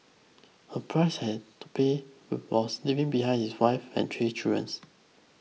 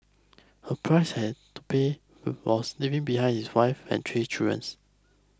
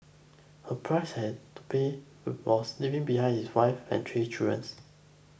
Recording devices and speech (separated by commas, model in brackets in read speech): mobile phone (iPhone 6), close-talking microphone (WH20), boundary microphone (BM630), read sentence